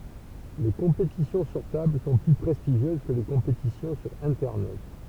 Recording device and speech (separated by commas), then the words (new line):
temple vibration pickup, read sentence
Les compétitions sur table sont plus prestigieuses que les compétitions sur Internet.